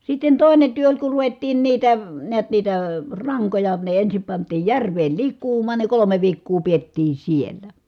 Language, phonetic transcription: Finnish, sitten tòi̮ne työ oĺ ku ruvettiin niitä , niät niitä , raŋkoja , ne ensim pant̀iij järveel lik̆kuum̀aan ne kolome viikkuu piettii siellä .
- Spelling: sitten toinen työ oli kun ruvettiin niitä näet niitä rankoja ne ensin pantiin järveen likoamaan ne kolme viikkoa pidettiin siellä

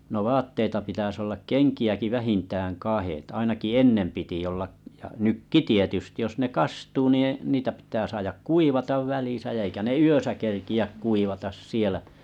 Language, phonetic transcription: Finnish, no 'vaatteita pitäs ollak ’keŋki₍äki 'vähintääŋ 'kahèt ainaki "ennem piti olla? , ja 'nykki 'tietysti jos ne 'kastuu nii niitä pitää saajak "kuivatav 'välìsä ja eikä ne "yösä kerki₍äk 'kuivatas 'sielä .
- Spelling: no vaatteita pitäisi olla kenkiäkin vähintään kahdet ainakin ennen piti olla ja nytkin tietysti jos ne kastuu niin niitä pitää saada kuivata välissä ja eikä ne yössä kerkeä kuivata siellä

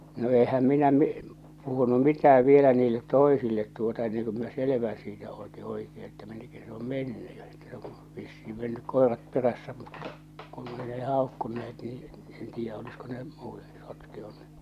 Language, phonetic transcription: Finnish, no 'ehäm 'minä mi- , puhunu "mitä₍äv vielä 'niillet "toisillet tuota enneŋ ku miⁿä "selevää̰ siitä òti 'oikee että 'minnek käsɪ sᴇ om "menny ja että , sᴇ ᴏ , vissii mennyk 'koerat 'perässä mutta , kun ei ne 'hàokkunne₍et nii , 'en 'tiijjä’ olisko ne , 'muutᴇ , 'sotkeonee .
- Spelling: no enhän minä - puhunut mitään vielä niille toisille tuota ennen kuin minä selvää siitä otin oikein että minne käsin se on mennyt ja että se on vissiin mennyt koirat perässä mutta kun ei ne haukkuneet niin en tiedä olisiko ne muut sotkeutuneet

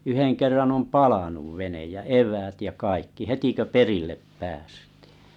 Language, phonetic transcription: Finnish, 'yheŋ 'kerran om "palanuv 'venej ja "ev̀äät ja "kaikki 'heti kö "perillep 'päästɪɪ .
- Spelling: yhden kerran on palanut vene ja eväät ja kaikki heti kun perille päästiin

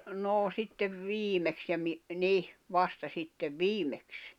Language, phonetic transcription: Finnish, 'noo sittev 'viimeks ja mi- , 'nih , 'vasta sittev "viimeks .
- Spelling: no sitten viimeksi ja - niin vasta sitten viimeksi

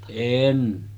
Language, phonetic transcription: Finnish, 'èn .
- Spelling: en

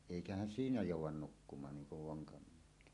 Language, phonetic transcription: Finnish, èikähän 'siinä "jòuw̆wan 'nukkumaan 'niiŋ kuv 'voŋkamiehᴇt .
- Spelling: eikä siinä jouda nukkumaan niin kuin vonkamiehet

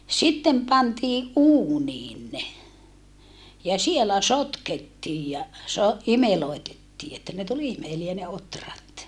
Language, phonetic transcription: Finnish, sittem pantiiʼ ʼuuniin ne , ja sielä sotkettiij ja , so- , imeloitettii että ne tul imeliä ne otrat .
- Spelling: sitten pantiin uuniin ne ja siellä sotkettiin ja - imelöitettiin että ne tuli imeliä ne ohrat

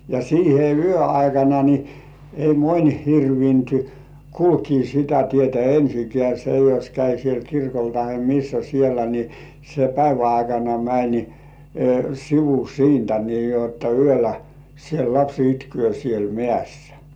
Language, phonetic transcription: Finnish, ja siihe "yö 'aikana ni , ei "moń 'hirvint , "kulkii sitä tietä 'ensikĕä̀ se jos käi siel 'kirkol tahe "missä siellä ni , se 'päivä aikana mäń , "sivu 'siintä nii jotta "yölä , siel 'laps itky§ö̀ siel 'mĕä̀ssᴀ̈ .
- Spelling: ja siihen yön aikana niin ei moni hirvinnyt kulkea sitä tietä ensinkään se jos kävi siellä kirkolla tai missä siellä niin se päivän aikana meni sivu siitä niin jotta yöllä siellä lapsi itkee siellä mäessä

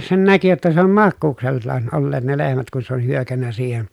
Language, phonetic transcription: Finnish, sen näki jotta se ‿om makkuuksellaan , olleet ne lehmät kun se ol hyökännä siihen .
- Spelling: sen näki jotta se on makuuksellaan olleet ne lehmät kun se oli hyökännyt siihen

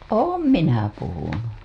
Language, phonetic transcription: Finnish, oom 'minä 'puhunu .
- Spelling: olen minä puhunut

